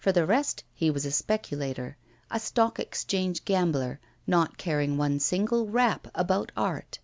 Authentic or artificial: authentic